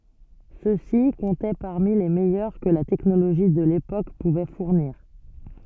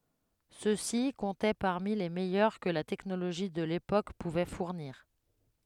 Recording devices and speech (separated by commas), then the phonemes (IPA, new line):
soft in-ear microphone, headset microphone, read sentence
sø si kɔ̃tɛ paʁmi le mɛjœʁ kə la tɛknoloʒi də lepok puvɛ fuʁniʁ